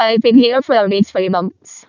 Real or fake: fake